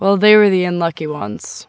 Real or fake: real